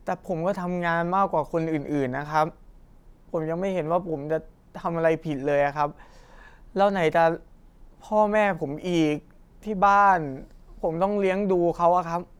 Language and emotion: Thai, frustrated